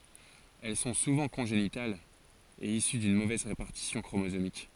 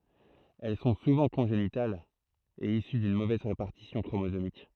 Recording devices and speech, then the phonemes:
forehead accelerometer, throat microphone, read sentence
ɛl sɔ̃ suvɑ̃ kɔ̃ʒenitalz e isy dyn movɛz ʁepaʁtisjɔ̃ kʁomozomik

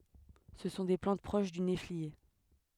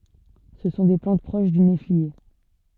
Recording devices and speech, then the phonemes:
headset microphone, soft in-ear microphone, read sentence
sə sɔ̃ de plɑ̃t pʁoʃ dy neflie

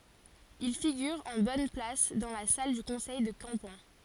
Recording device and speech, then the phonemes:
forehead accelerometer, read sentence
il fiɡyʁ ɑ̃ bɔn plas dɑ̃ la sal dy kɔ̃sɛj də kɑ̃pɑ̃

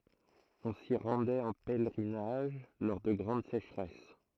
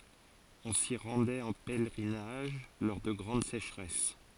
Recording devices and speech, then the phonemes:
throat microphone, forehead accelerometer, read sentence
ɔ̃ si ʁɑ̃dɛt ɑ̃ pɛlʁinaʒ lɔʁ də ɡʁɑ̃d seʃʁɛs

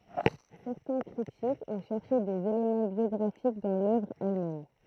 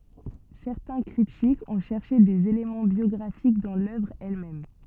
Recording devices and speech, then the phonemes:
throat microphone, soft in-ear microphone, read sentence
sɛʁtɛ̃ kʁitikz ɔ̃ ʃɛʁʃe dez elemɑ̃ bjɔɡʁafik dɑ̃ lœvʁ ɛl mɛm

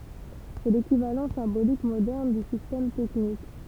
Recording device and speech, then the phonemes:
temple vibration pickup, read sentence
sɛ lekivalɑ̃ sɛ̃bolik modɛʁn dy sistɛm tɛknik

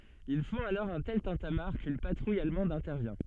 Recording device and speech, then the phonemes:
soft in-ear microphone, read sentence
il fɔ̃t alɔʁ œ̃ tɛl tɛ̃tamaʁ kyn patʁuj almɑ̃d ɛ̃tɛʁvjɛ̃

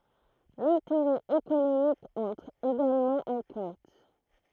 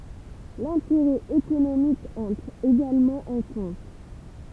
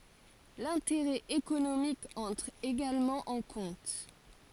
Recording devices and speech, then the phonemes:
throat microphone, temple vibration pickup, forehead accelerometer, read sentence
lɛ̃teʁɛ ekonomik ɑ̃tʁ eɡalmɑ̃ ɑ̃ kɔ̃t

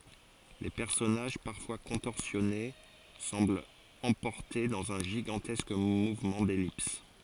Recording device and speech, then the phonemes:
forehead accelerometer, read sentence
le pɛʁsɔnaʒ paʁfwa kɔ̃tɔʁsjɔne sɑ̃blt ɑ̃pɔʁte dɑ̃z œ̃ ʒiɡɑ̃tɛsk muvmɑ̃ dɛlips

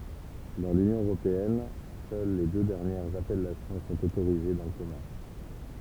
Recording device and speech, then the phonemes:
temple vibration pickup, read sentence
dɑ̃ lynjɔ̃ øʁopeɛn sœl le dø dɛʁnjɛʁz apɛlasjɔ̃ sɔ̃t otoʁize dɑ̃ lə kɔmɛʁs

